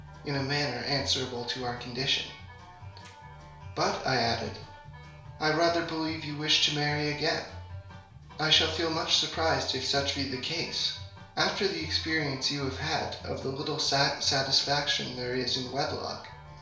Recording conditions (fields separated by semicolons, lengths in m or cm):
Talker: one person; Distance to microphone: 1.0 m; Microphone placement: close; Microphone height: 1.1 m; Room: small (3.7 m by 2.7 m); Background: music